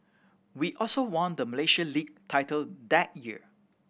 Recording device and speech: boundary microphone (BM630), read sentence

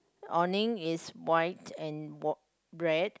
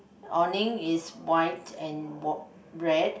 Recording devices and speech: close-talking microphone, boundary microphone, conversation in the same room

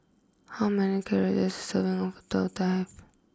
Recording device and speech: close-talking microphone (WH20), read sentence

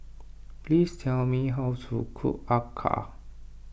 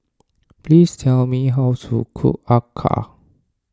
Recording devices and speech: boundary microphone (BM630), standing microphone (AKG C214), read sentence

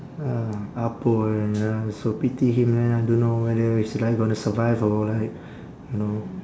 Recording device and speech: standing microphone, conversation in separate rooms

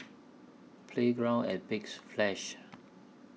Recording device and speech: mobile phone (iPhone 6), read sentence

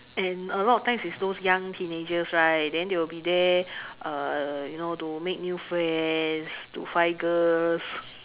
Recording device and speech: telephone, conversation in separate rooms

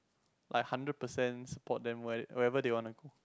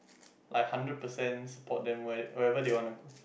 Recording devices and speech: close-talking microphone, boundary microphone, conversation in the same room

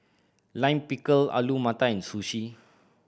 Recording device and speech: boundary microphone (BM630), read sentence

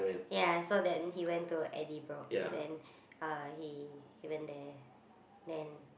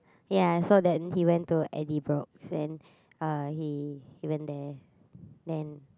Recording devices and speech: boundary microphone, close-talking microphone, conversation in the same room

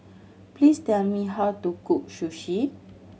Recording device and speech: mobile phone (Samsung C7100), read sentence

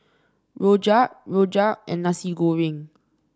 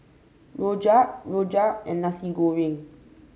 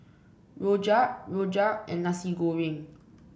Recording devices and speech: standing microphone (AKG C214), mobile phone (Samsung C5), boundary microphone (BM630), read sentence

